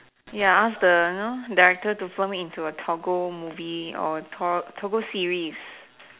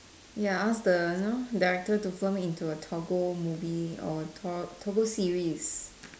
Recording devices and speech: telephone, standing microphone, conversation in separate rooms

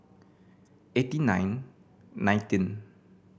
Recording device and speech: boundary microphone (BM630), read sentence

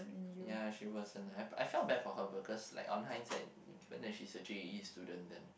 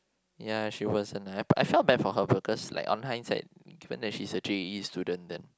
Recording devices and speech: boundary microphone, close-talking microphone, conversation in the same room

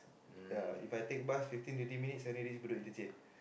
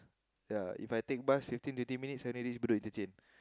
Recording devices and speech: boundary microphone, close-talking microphone, conversation in the same room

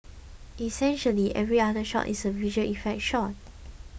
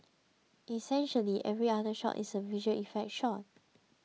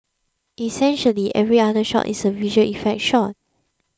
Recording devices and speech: boundary microphone (BM630), mobile phone (iPhone 6), close-talking microphone (WH20), read sentence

